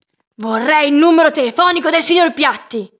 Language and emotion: Italian, angry